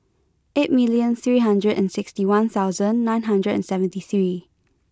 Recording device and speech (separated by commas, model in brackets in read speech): close-talking microphone (WH20), read sentence